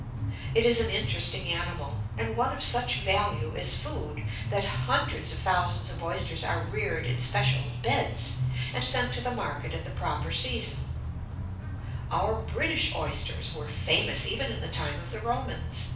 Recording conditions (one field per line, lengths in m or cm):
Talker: one person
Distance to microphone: 5.8 m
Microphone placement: far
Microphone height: 1.8 m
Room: medium-sized (5.7 m by 4.0 m)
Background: music